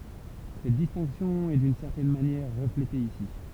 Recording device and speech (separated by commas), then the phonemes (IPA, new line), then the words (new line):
temple vibration pickup, read sentence
sɛt distɛ̃ksjɔ̃ ɛ dyn sɛʁtɛn manjɛʁ ʁəflete isi
Cette distinction est d'une certaine manière reflétée ici.